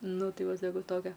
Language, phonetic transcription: Lithuanian, ˈnu ˈtai ˈva saˈkau ˈtokia

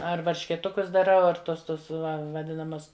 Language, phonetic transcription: Lithuanian, ar varškėˈtukus daˈrau ar ˈtos ˈtus vaˈdinamas

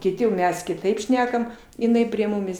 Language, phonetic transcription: Lithuanian, kiˈti jau ˈmes kiˈtaip ˈšnekam iˈnai prie ˈmumis

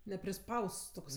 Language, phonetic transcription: Lithuanian, nepriˈspausts tokˈsai

